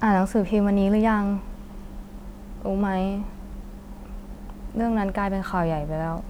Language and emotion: Thai, frustrated